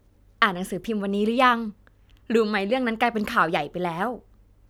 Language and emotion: Thai, happy